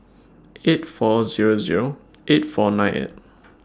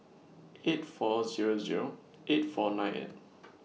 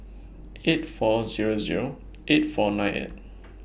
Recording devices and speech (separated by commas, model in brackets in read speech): standing microphone (AKG C214), mobile phone (iPhone 6), boundary microphone (BM630), read sentence